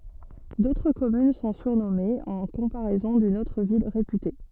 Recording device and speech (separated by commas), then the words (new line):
soft in-ear microphone, read sentence
D'autres communes sont surnommées en comparaison d'une autre ville réputée.